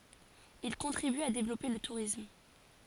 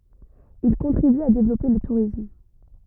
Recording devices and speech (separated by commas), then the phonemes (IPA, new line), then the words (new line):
forehead accelerometer, rigid in-ear microphone, read sentence
il kɔ̃tʁiby a devlɔpe lə tuʁism
Il contribue à développer le tourisme.